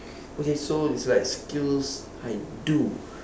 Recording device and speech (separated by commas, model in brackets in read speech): standing microphone, conversation in separate rooms